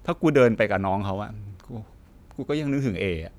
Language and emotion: Thai, frustrated